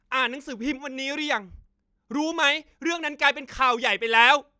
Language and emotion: Thai, angry